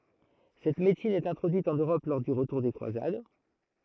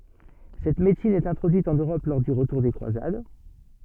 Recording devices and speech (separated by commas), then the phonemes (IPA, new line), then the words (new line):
throat microphone, soft in-ear microphone, read sentence
sɛt medəsin ɛt ɛ̃tʁodyit ɑ̃n øʁɔp lɔʁ dy ʁətuʁ de kʁwazad
Cette médecine est introduite en Europe lors du retour des croisades.